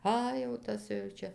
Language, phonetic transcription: Lithuanian, ˈa jau ˈtas jau ˈčia

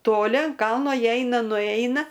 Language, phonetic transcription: Lithuanian, toˈli an ˈkalno ˈjie ˈeina nuˈeina

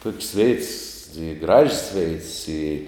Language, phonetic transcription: Lithuanian, tok's' veits i graž's' veits i

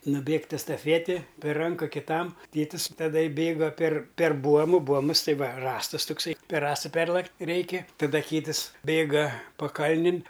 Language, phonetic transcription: Lithuanian, nuˈbėgt' estaˈfieti per ˈranka kiˈtam ˈtėtis taˈda ˈbėga per per ˈbuomu ˈbuomus ˈtai ˈva ˈrąstus tukˈsai per ˈrąsta ˈperlakt' ˈreiki taˈda ˈkytɨs ˈbėga paˈkalnin

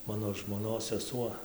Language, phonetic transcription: Lithuanian, ˈmano žmoˈnos seˈsuo

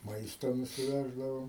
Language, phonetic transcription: Lithuanian, ˈmaisto nusiˈveždavau

